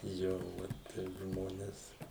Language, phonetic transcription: Lithuanian, ˈjo ˈvat ˈteip ˈžmones

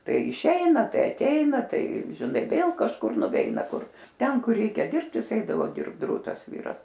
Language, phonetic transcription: Lithuanian, ˈtai iˈšeina ˈtai aˈteina ˈtai žiˈnai ˈvėl kažˈkur nuˈveina ˈkur ˈten ˈkur ˈreikia ˈdirbt ˈjis ˈeidavo ˈdirbt ˈdrūtas ˈvyras

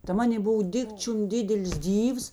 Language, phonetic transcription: Lithuanian, ta ˈmanė ˈbov ˈdikčium ˈdidelis ˈdyvs

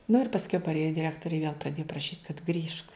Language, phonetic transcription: Lithuanian, nu ir pasˈkiau parˈėjo diˈrektori i viel praˈdėju praˈšyt kad ˈgrįžk

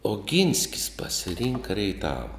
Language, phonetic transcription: Lithuanian, oˈginskis pasiˈrinka reiˈtava

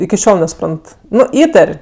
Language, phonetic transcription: Lithuanian, iki ˈšiol nesuˈprant ˈnu ˈįtar'

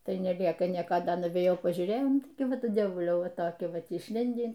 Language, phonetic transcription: Lithuanian, ˈtai neˈliekaˈnieka ˈda nuvėjˈau pažiūˈrėjau ˈtai ˈvat ˈdievuliau ˈva toˈki ˈvat išˈlindį

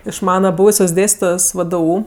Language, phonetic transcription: Lithuanian, iš ˈmana ˈbūvusios ˈdėstitojos ˈvdu

